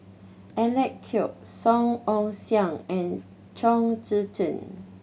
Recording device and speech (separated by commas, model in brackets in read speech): mobile phone (Samsung C7100), read sentence